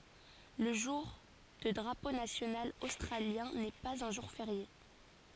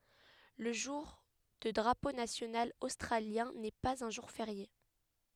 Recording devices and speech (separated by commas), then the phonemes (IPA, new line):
forehead accelerometer, headset microphone, read sentence
lə ʒuʁ də dʁapo nasjonal ostʁaljɛ̃ nɛ paz œ̃ ʒuʁ feʁje